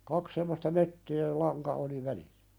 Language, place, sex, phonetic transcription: Finnish, Pälkäne, male, 'kak semmosta 'mött(öö ja) "laŋka oli 'välissᴀ̈ .
- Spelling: kaksi semmoista möttöä ja lanka oli välissä

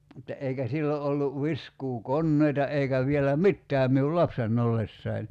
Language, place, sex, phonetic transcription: Finnish, Kerimäki, male, (mutta) 'eikä 'sillo ’ollu , 'viskuu"konneita 'eikä vielä "mittääm miul "lapsen'n ‿ollessai̬n .
- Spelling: mutta eikä silloin ollut viskuukoneita eikä vielä mitään minun lapsena ollessani

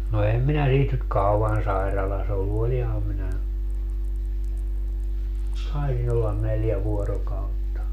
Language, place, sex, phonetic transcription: Finnish, Padasjoki, male, no 'em minä 'siit nyt "kauan 'sairalas ollu 'oliham minä , 'taisin ‿ollan 'neljä 'vuorokautta .
- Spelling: no en minä siitä nyt kauan sairaalassa ollut olinhan minä taisin olla neljä vuorokautta

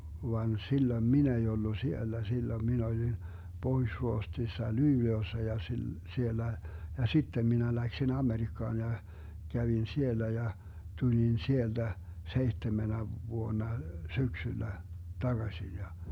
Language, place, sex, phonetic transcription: Finnish, Vermlanti, male, van 'silloⁱm 'min ‿ei ollu 'siellä , 'silloⁱm 'min ‿olin , 'Pohuⁱš-Ruohtsissa "Lyyle₍ossa ja sil- , 'siellä , ja "sittem minä läksin 'Amerikkaan ja , 'kävin "siellä ja , 'tulin "sielDä , 'seihtemenä 'vuonna "syksyllä , 'taGaśin ja ,.
- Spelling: vaan silloin minä ei ollut siellä silloin minä olin Pohjois-Ruotsissa Luulajassa ja - siellä ja sitten minä lähdin Amerikkaan ja kävin siellä ja tulin sieltä seitsemänä vuonna syksyllä takaisin ja

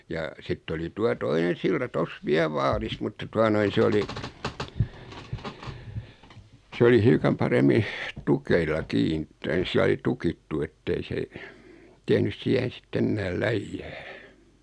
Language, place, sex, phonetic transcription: Finnish, Noormarkku, male, ja , 'sitt ‿oli 'tua "toinen̬ silta 'tos "viäl (vaaris) mutta 'tua noin̬ 'se oli , 'sᵉ oli 'hiukam paremmi , 'tukeilla "kin , (tai silai) "tukittu ettei se , 'tehnys "siähen̬ 'sitt ‿ennääl "läijjää .
- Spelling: ja sitten oli tuota toinen silta tuossa vielä vaarissa mutta tuota noin se oli se oli hiukan paremmin tukeilla kiinni tai sillä lailla tukittu että ei se tehnyt siihen sitten enää läjää

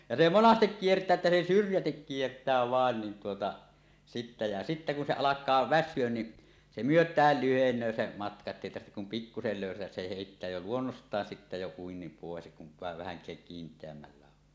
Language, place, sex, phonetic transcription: Finnish, Suomussalmi, male, ja se "monastek 'kiert̀ää että se "syrjätik 'kiert̀ää "vàen nin tuota , sittä , ja sittä kun se 'alak̀aa "väs̆syön ni , 'se "myöt̀ääl 'lyheǹöö se 'matka että èi tarhtek kum 'pikkusel lö̀ysätäs se hèittää jo "luonnost̀aan 'sittä jo uinnim pòes kuv vaev 'vähäŋk̀ääk kint̀eämmällä on .
- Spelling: ja se monasti kiertää että se syrjäti kiertää vain niin tuota sitten ja sitten kun se alkaa väsyä niin se myötään lyhenee se matka että ei tarvitse kuin pikkuisen löysätä se heittää jo luonnostaan sitten jo uinnin pois kun vain vähänkään kiinteämmällä on

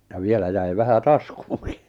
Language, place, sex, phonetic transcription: Finnish, Lappajärvi, male, ja 'vielä jäi 'vähä "taskuuŋki .
- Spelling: ja vielä jäi vähän taskuunkin

